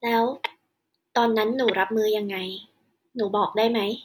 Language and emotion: Thai, neutral